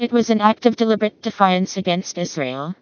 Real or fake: fake